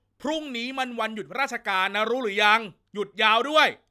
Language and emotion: Thai, angry